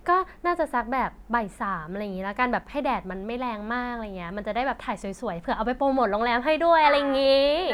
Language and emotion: Thai, happy